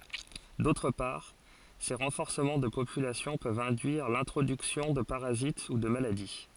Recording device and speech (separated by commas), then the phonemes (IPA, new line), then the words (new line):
forehead accelerometer, read sentence
dotʁ paʁ se ʁɑ̃fɔʁsəmɑ̃ də popylasjɔ̃ pøvt ɛ̃dyiʁ lɛ̃tʁodyksjɔ̃ də paʁazit u də maladi
D’autre part, ces renforcements de population peuvent induire l’introduction de parasites ou de maladies.